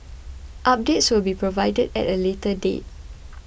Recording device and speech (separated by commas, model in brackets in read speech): boundary microphone (BM630), read sentence